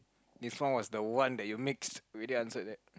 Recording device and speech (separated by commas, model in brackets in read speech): close-talking microphone, conversation in the same room